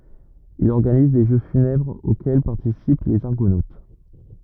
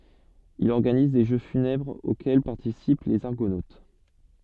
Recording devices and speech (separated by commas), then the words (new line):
rigid in-ear microphone, soft in-ear microphone, read sentence
Il organise des jeux funèbres auxquels participent les Argonautes.